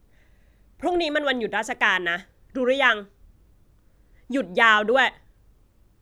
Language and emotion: Thai, frustrated